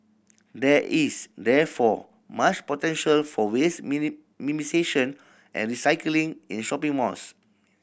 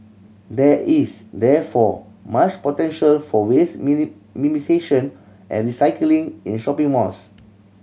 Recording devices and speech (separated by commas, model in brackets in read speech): boundary microphone (BM630), mobile phone (Samsung C7100), read sentence